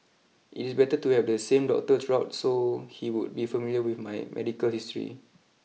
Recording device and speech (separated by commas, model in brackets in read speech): mobile phone (iPhone 6), read sentence